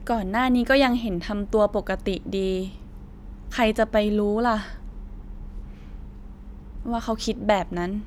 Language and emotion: Thai, frustrated